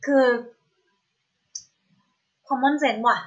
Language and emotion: Thai, frustrated